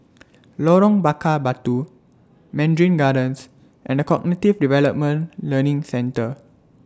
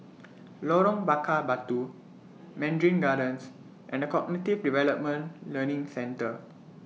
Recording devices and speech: standing microphone (AKG C214), mobile phone (iPhone 6), read sentence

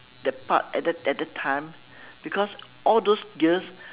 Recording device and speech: telephone, conversation in separate rooms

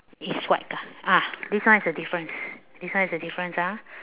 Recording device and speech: telephone, conversation in separate rooms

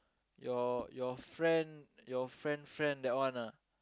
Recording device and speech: close-talking microphone, conversation in the same room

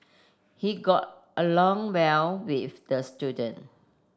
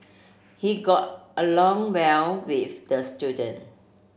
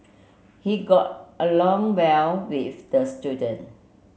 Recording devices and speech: standing microphone (AKG C214), boundary microphone (BM630), mobile phone (Samsung C7), read sentence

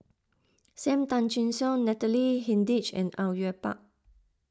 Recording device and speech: close-talking microphone (WH20), read sentence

